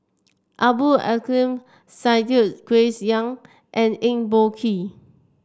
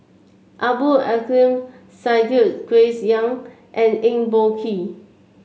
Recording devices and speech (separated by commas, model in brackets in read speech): standing microphone (AKG C214), mobile phone (Samsung C7), read sentence